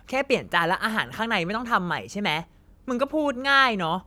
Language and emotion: Thai, frustrated